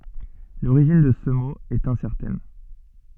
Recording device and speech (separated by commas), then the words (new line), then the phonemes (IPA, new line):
soft in-ear microphone, read sentence
L'origine de ce mot est incertaine.
loʁiʒin də sə mo ɛt ɛ̃sɛʁtɛn